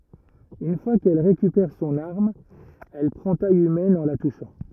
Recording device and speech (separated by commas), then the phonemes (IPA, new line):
rigid in-ear microphone, read sentence
yn fwa kɛl ʁekypɛʁ sɔ̃n aʁm ɛl pʁɑ̃ taj ymɛn ɑ̃ la tuʃɑ̃